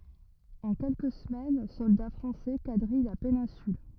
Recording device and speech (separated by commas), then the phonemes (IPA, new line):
rigid in-ear microphone, read sentence
ɑ̃ kɛlkə səmɛn sɔlda fʁɑ̃sɛ kadʁij la penɛ̃syl